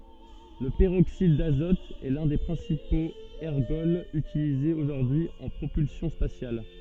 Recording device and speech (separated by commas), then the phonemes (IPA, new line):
soft in-ear microphone, read sentence
lə pəʁoksid dazɔt ɛ lœ̃ de pʁɛ̃sipoz ɛʁɡɔlz ytilizez oʒuʁdyi y ɑ̃ pʁopylsjɔ̃ spasjal